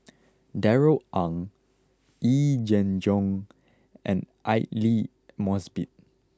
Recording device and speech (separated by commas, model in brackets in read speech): close-talking microphone (WH20), read sentence